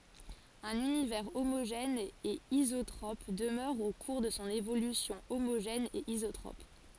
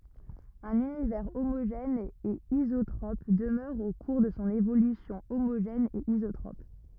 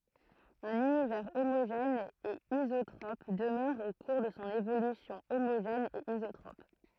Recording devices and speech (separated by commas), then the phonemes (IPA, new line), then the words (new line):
forehead accelerometer, rigid in-ear microphone, throat microphone, read sentence
œ̃n ynivɛʁ omoʒɛn e izotʁɔp dəmœʁ o kuʁ də sɔ̃ evolysjɔ̃ omoʒɛn e izotʁɔp
Un univers homogène et isotrope demeure au cours de son évolution homogène et isotrope.